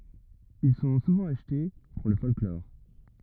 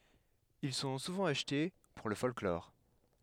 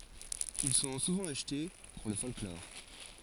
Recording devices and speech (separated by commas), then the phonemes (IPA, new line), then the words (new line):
rigid in-ear microphone, headset microphone, forehead accelerometer, read sentence
il sɔ̃ suvɑ̃ aʃte puʁ lə fɔlklɔʁ
Ils sont souvent achetés pour le folklore.